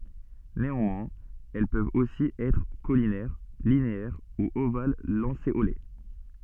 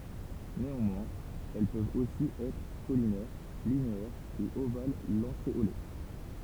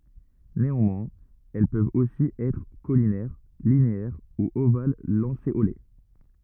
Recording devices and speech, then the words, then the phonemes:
soft in-ear microphone, temple vibration pickup, rigid in-ear microphone, read sentence
Néanmoins, elles peuvent aussi être caulinaires, linéaires ou ovales-lancéolées.
neɑ̃mwɛ̃z ɛl pøvt osi ɛtʁ kolinɛʁ lineɛʁ u oval lɑ̃seole

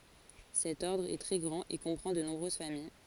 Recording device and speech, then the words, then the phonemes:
forehead accelerometer, read sentence
Cet ordre est très grand et comprend de nombreuses familles.
sɛt ɔʁdʁ ɛ tʁɛ ɡʁɑ̃t e kɔ̃pʁɑ̃ də nɔ̃bʁøz famij

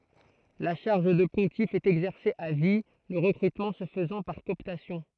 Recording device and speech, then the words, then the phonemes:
throat microphone, read sentence
La charge de pontife est exercée à vie, le recrutement se faisant par cooptation.
la ʃaʁʒ də pɔ̃tif ɛt ɛɡzɛʁse a vi lə ʁəkʁytmɑ̃ sə fəzɑ̃ paʁ kɔɔptasjɔ̃

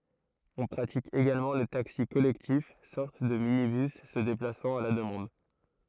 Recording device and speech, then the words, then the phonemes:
throat microphone, read sentence
On pratique également le taxi collectif, sorte de minibus se déplaçant à la demande.
ɔ̃ pʁatik eɡalmɑ̃ lə taksi kɔlɛktif sɔʁt də minibys sə deplasɑ̃t a la dəmɑ̃d

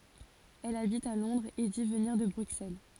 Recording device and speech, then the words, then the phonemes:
forehead accelerometer, read sentence
Elle habite à Londres et dit venir de Bruxelles.
ɛl abit a lɔ̃dʁz e di vəniʁ də bʁyksɛl

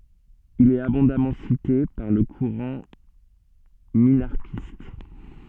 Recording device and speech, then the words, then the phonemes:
soft in-ear microphone, read sentence
Il est abondamment cité par le courant minarchiste.
il ɛt abɔ̃damɑ̃ site paʁ lə kuʁɑ̃ minaʁʃist

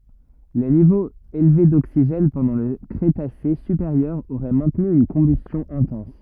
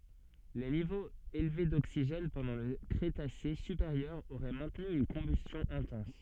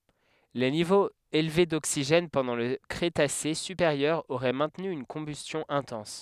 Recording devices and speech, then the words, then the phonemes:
rigid in-ear microphone, soft in-ear microphone, headset microphone, read sentence
Les niveaux élevés d'oxygène pendant le Crétacé supérieur auraient maintenu une combustion intense.
le nivoz elve doksiʒɛn pɑ̃dɑ̃ lə kʁetase sypeʁjœʁ oʁɛ mɛ̃tny yn kɔ̃bystjɔ̃ ɛ̃tɑ̃s

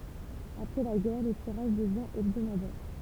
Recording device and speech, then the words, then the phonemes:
temple vibration pickup, read sentence
Après la guerre, le tirage devient hebdomadaire.
apʁɛ la ɡɛʁ lə tiʁaʒ dəvjɛ̃ ɛbdomadɛʁ

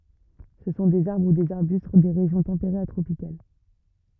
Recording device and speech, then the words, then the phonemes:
rigid in-ear microphone, read sentence
Ce sont des arbres ou des arbustes des régions tempérées à tropicales.
sə sɔ̃ dez aʁbʁ u dez aʁbyst de ʁeʒjɔ̃ tɑ̃peʁez a tʁopikal

